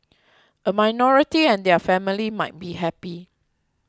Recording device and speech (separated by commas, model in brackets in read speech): close-talking microphone (WH20), read sentence